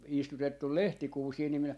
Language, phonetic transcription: Finnish, 'istutettul "lehtikuusii ni minä , .
- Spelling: istutettu lehtikuusia niin minä

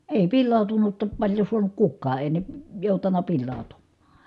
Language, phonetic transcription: Finnish, èi pillàu̬tunutta paĺjo suanuk kukkaa èi ne , jòutan̆na pillàu̬tummAA .
- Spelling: ei pilaantunutta paljon saanut kukaan ei ne joutanut pilaantumaan

